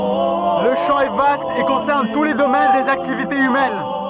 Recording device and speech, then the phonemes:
soft in-ear microphone, read sentence
lə ʃɑ̃ ɛ vast e kɔ̃sɛʁn tu le domɛn dez aktivitez ymɛn

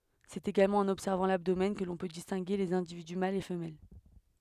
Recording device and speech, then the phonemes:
headset microphone, read sentence
sɛt eɡalmɑ̃ ɑ̃n ɔbsɛʁvɑ̃ labdomɛn kə lɔ̃ pø distɛ̃ɡe lez ɛ̃dividy malz e fəmɛl

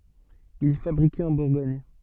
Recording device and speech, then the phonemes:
soft in-ear microphone, read sentence
il ɛ fabʁike ɑ̃ buʁɡɔɲ

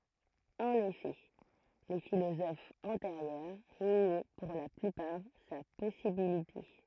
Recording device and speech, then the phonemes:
throat microphone, read sentence
ɑ̃n efɛ le filozofz ɑ̃teʁjœʁ njɛ puʁ la plypaʁ sa pɔsibilite

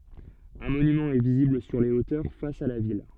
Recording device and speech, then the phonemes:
soft in-ear microphone, read sentence
œ̃ monymɑ̃ ɛ vizibl syʁ le otœʁ fas a la vil

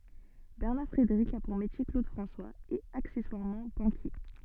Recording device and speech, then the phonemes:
soft in-ear microphone, read sentence
bɛʁnaʁ fʁedeʁik a puʁ metje klod fʁɑ̃swaz e aksɛswaʁmɑ̃ bɑ̃kje

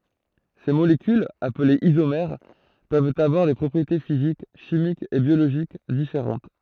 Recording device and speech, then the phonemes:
throat microphone, read sentence
se molekylz aplez izomɛʁ pøvt avwaʁ de pʁɔpʁiete fizik ʃimikz e bjoloʒik difeʁɑ̃t

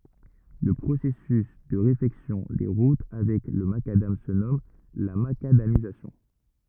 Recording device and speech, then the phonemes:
rigid in-ear microphone, read sentence
lə pʁosɛsys də ʁefɛksjɔ̃ de ʁut avɛk lə makadam sə nɔm la makadamizasjɔ̃

